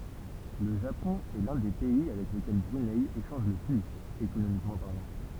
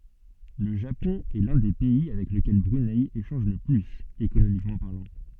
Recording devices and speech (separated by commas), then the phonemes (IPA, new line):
temple vibration pickup, soft in-ear microphone, read sentence
lə ʒapɔ̃ ɛ lœ̃ de pɛi avɛk ləkɛl bʁynɛ eʃɑ̃ʒ lə plyz ekonomikmɑ̃ paʁlɑ̃